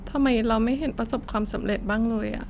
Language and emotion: Thai, sad